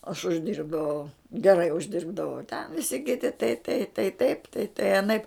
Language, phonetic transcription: Lithuanian, aš užˈdyrbdavau gerai užˈdirbdavau ten viˈsi kiˈti tai tai tai ˈtaip tai tai aˈnaip

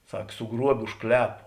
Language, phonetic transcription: Lithuanian, ˈsak suˈgruobė už ˈklepu

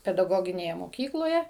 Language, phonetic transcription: Lithuanian, pedaˈgoginėje moˈkykloje

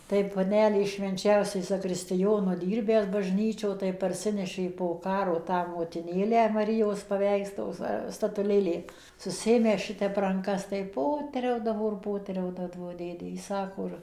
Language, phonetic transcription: Lithuanian, tai paˈnelės švenˈčiausiai zakristɨˈjonu ˈdirbęs bažˈnyčio tai parˈsinešė po ˈkaro ˈtą motiˈnėlę maˈrijos paˈveiks to ˈva statuˈlėlė susiˈėmęs ˈšitep ranˈkas tai ˈpoteriaudavo ir ˈpoteriaudadavo ˈdėdė jis ˈsako ir

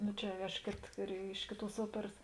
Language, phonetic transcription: Lithuanian, ˈnu čia aš ˈkėt re ˈiš kėˌtuos ˈuoperas

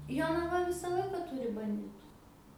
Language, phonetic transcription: Lithuanian, jonaˈva ˈvisa ˈlaika ˈturi banˈditu

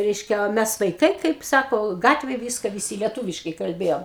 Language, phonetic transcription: Lithuanian, ˈreiškia o ˈmes vaiˈkai ˈkaip ˈsako ˈgatvėj ˈvyska viˈsy lieˈtūviškai kalˈbėjom

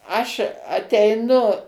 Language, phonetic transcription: Lithuanian, ˈaš ateiˈnu

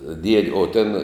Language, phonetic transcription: Lithuanian, died' o tėn

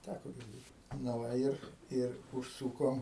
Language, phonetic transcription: Lithuanian, ˈtæko girˈdėt na ˈva ˈir ˈir užˈsūkom

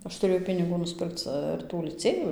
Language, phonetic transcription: Lithuanian, ˈaš tuˈrėjau piniˈgų nusˈpirkc ir ˈtų liˈcėjų

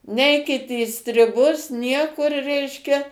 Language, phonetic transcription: Lithuanian, ˈneikit į striˈbus ˈniekur ˈreiškia

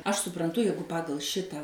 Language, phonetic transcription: Lithuanian, ˈaš supranˈtu ˈjeigu ˈpagal ˈšitą

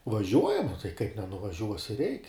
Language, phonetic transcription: Lithuanian, vaˈžiuojam o tai kaip nenuvaˈžiuosi reik'

